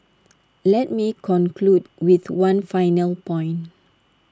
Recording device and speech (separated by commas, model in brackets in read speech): standing microphone (AKG C214), read sentence